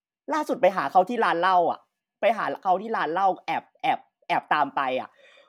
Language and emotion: Thai, neutral